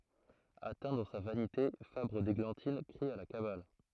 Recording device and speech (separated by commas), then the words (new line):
throat microphone, read sentence
Atteint dans sa vanité, Fabre d'Églantine crie à la cabale.